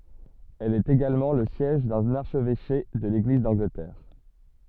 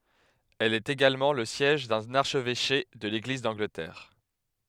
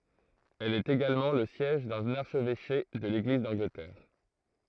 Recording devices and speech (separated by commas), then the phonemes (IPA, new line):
soft in-ear microphone, headset microphone, throat microphone, read sentence
ɛl ɛt eɡalmɑ̃ lə sjɛʒ dœ̃n aʁʃvɛʃe də leɡliz dɑ̃ɡlətɛʁ